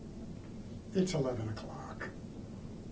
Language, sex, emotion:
English
male
neutral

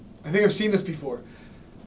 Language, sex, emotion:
English
male
neutral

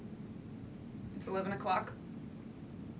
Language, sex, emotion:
English
female
neutral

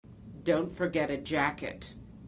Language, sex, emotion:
English
female
disgusted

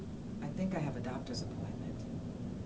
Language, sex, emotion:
English
female
neutral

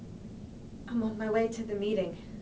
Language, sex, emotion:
English
female
fearful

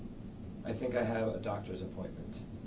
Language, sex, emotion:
English
male
neutral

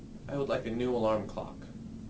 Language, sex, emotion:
English
male
neutral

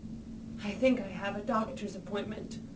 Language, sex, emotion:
English
female
fearful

